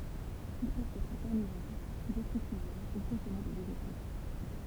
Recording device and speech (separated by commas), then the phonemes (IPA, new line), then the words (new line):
temple vibration pickup, read sentence
il pøvt ɛtʁ kaʁnivoʁ detʁitivoʁ u kɔ̃sɔme de veʒeto
Ils peuvent être carnivores, détritivores ou consommer des végétaux.